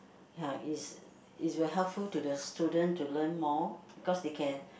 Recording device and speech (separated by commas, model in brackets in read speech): boundary microphone, conversation in the same room